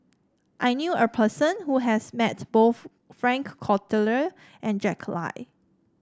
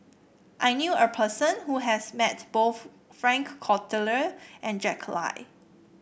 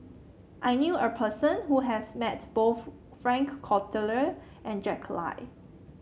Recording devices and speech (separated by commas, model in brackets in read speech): standing microphone (AKG C214), boundary microphone (BM630), mobile phone (Samsung C7), read sentence